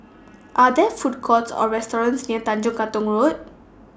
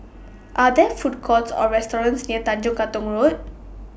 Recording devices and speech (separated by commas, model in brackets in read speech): standing microphone (AKG C214), boundary microphone (BM630), read sentence